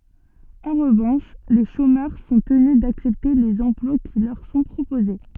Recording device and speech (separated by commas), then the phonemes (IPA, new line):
soft in-ear microphone, read sentence
ɑ̃ ʁəvɑ̃ʃ le ʃomœʁ sɔ̃ təny daksɛpte lez ɑ̃plwa ki lœʁ sɔ̃ pʁopoze